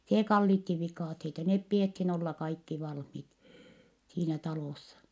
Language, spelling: Finnish, se kallitsi viikatteita ne pidettiin olla kaikki valmiit siinä talossa
- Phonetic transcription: see kallitti vikàtheita , nep piethin olla kaikki valhmit , siinä talòssa .

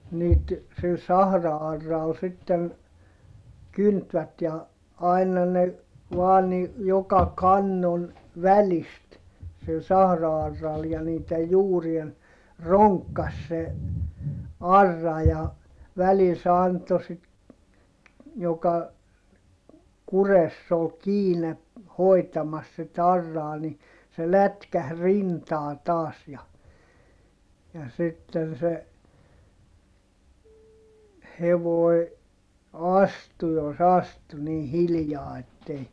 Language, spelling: Finnish, niitä sillä sahra-auralla sitten kyntivät ja aina ne vain niin joka kannon välistä sillä sahra-auralla ja niiden juurien ronkkasi se aura ja välillä se antoi sitten joka kurressa oli kiinni hoitamassa sitten auraa niin se lätkähti rintaan taas ja ja sitten se hevonen astui jos astui niin hiljaa että ei
- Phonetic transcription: niit , sil sahra₍arral sitten , kyntvät ja , ai̮na ne , vaa ni , joka kannon , välist , sil sahra₍arral ja niitej juurien , roŋkkas se , arra ja , välil se anto sit , joka , kuress ‿ol kiine , hoi̮tamas sit ‿arraa ni , se lätkäh rintaa taas ja , ja sitten se , hevoi̮ , astu jos ‿astu nii hilⁱjaa ettei ,.

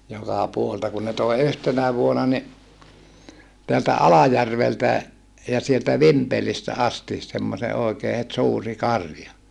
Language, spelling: Finnish, joka puolelta kun ne toi yhtenä vuonna niin täältä Alajärveltä ja sieltä Vimpelistä asti semmoisen oikein heti suuri karja
- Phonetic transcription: jokà puolelta kun ne tòi̮ yhtenä vuona ni , teältä Alajärveltä , ja sieltä Vimpelistä asti , semmose òikee het suuri karja .

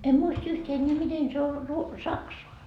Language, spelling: Finnish, en muista yhtään enää miten se on - saksaa
- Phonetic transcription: 'em "muist yht ‿enneä 'miten se o , ruo- , "saksoa .

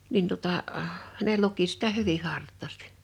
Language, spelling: Finnish, minä tuota ne luki sitä hyvin hartaasti
- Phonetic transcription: 'min tuᵒtà , ne 'luki sitä "hyvih̆ "hart̆tàstɪ .

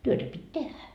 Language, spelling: Finnish, työtä piti tehdä
- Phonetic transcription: 'työtä pit́ "tehä .

